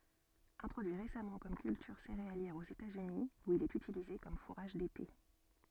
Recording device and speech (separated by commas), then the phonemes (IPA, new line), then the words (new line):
soft in-ear microphone, read sentence
ɛ̃tʁodyi ʁesamɑ̃ kɔm kyltyʁ seʁealjɛʁ oz etatsyni u il ɛt ytilize kɔm fuʁaʒ dete
Introduit récemment comme culture céréalière aux États-Unis, où il est utilisé comme fourrage d'été.